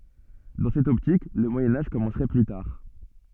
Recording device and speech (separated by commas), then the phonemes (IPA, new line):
soft in-ear microphone, read sentence
dɑ̃ sɛt ɔptik lə mwajɛ̃ aʒ kɔmɑ̃sʁɛ ply taʁ